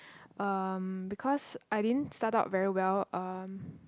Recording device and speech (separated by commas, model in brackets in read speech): close-talking microphone, conversation in the same room